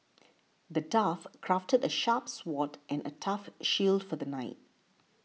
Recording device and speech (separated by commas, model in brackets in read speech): mobile phone (iPhone 6), read sentence